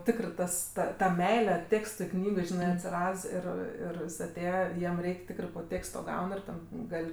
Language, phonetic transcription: Lithuanian, ˈtikrɜ ˈtas ˈta ta ˈmeile ˈtėkstui ˈknygai ˈžinɜ atsiˈrads ˈir ˈir jis aˈtėje ˈjiem ˈreik' ˈtikrɜ po ˈtėksto ˈgaun ir ˈten ˈgal'

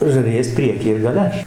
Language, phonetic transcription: Lithuanian, žariˈjas ˈprieky ir gaˈle

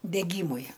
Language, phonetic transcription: Lithuanian, deˈgymui

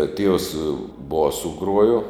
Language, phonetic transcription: Lithuanian, a tievs ˈbosu ˈgruojo

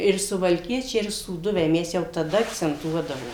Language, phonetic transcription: Lithuanian, ir suvalˈkiečiai ir sūˈduviai ˈmes jau taˈda akcenˈtuodavo

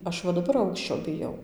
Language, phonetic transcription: Lithuanian, ˈaš va daˈbar ˈaukščio biˈjau

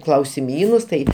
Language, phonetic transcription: Lithuanian, klausiˈmynus ˈtai

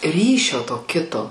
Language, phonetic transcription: Lithuanian, ˈryšio to ˈkito

